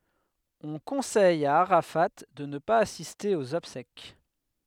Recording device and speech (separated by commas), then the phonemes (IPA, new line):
headset microphone, read sentence
ɔ̃ kɔ̃sɛj a aʁafa də nə paz asiste oz ɔbsɛk